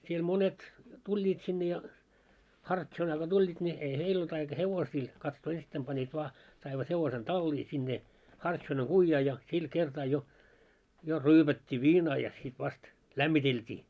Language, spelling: Finnish, siellä monet tulivat sinne ja hartsonaa kun tulivat niin ei heillä ollut aika hevosia katsoa ensittäin panivat vain saivat hevosen talliin sinne hartsonan kujaan ja sillä kertaa jo jo ryypättiin viinaa ja sitten vasta lämmiteltiin
- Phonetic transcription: siel 'monet , 'tuĺĺiit sinne ja , "hartšonaa ɢo 'tuĺĺiit ńi , ei "heil ‿olt aika 'hevosii , katsoo 'ensittäim panniit 'vaa , saivat hevosen 'tallii sinne , 'hartšonaŋ 'ɢuijjaa ja , sil 'kertaa jo , jo "ryypät́t́ii 'viinaa ja sit vast , "lämmitelt́ii .

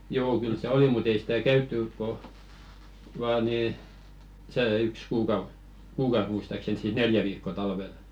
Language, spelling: Finnish, joo kyllä se oli mutta ei sitä käyty kun vain niin se yksi kuukausi kuukausi muistaakseni siis neljä viikkoa talvella
- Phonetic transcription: 'joo 'kyl se "oli mu't ‿ei sɪtä "käyttỳk̆ ko , vaa nii , 'see 'yks 'kuukauˢ , "kuukaus muistaksen siis "neljä viikko₍a 'talvel .

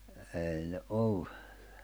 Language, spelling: Finnish, ei ne ollut
- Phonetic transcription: èi ne '’ollu .

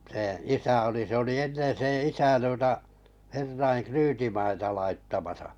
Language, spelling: Finnish, sen isä oli se oli ennen sen isä tuota herrojen ryytimaita laittamassa
- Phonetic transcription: seḛ 'isä oli se oli 'ennen̬ seḛ 'isä tuota , 'herraiŋ "kryytimaita laitt amasᴀ .

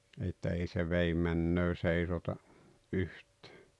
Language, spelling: Finnish, että ei se vedenmenoa seisota yhtään
- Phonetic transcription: että 'ei se "veim̆männöö 'seisota , "’yht̀ᴀ̈ᴀ̈ .

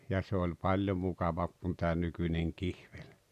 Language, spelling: Finnish, ja se oli paljon mukavampi kuin tämä nykyinen kihveli
- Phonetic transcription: ja se oĺ "paĺjo 'mukavam̬p kun tää 'nykyńeŋ 'kihᴠᴇʟ' .

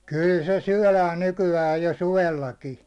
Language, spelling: Finnish, kyllä se syödään nykyään jo suvellakin
- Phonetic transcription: 'kỳl se 'syäₒlään 'nyky₍äj jo "suvellaki .

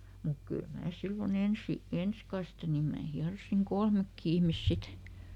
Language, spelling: Finnish, mutta kyllä minä silloin ensi ensi kaste niin minä hieroin kolmekin ihmistä sitten
- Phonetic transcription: muk ˈkyl ˈmää ˈsillo"n ‿ensi , "ens kaste nim ˈmää ˈhiarosiŋ "kolmekki ihmis ˈsit .

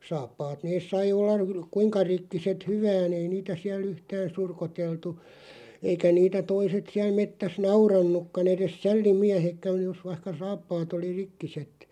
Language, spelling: Finnish, saappaat ne sai olla - kuinka rikkinäiset hyvänsä ei niitä siellä yhtään surkuteltu eikä niitä toiset siellä metsässä nauranutkaan edes sällimiehetkään jos vaikka saappaat oli rikkiset
- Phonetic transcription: 'saappaat 'nees sai ollaʳ (ru-) "kuiŋka 'rikkiset "hyvään ‿ei niitä 'siäl'ˡ ‿yhtään̬ "surkoteltu , 'eikä 'niitä 'toiset siäl 'mettäs "naurannukkan ‿eres "sälli'miähekkän̬ 'jos vaⁱhka 'saappaat ‿oli "rikkiset .

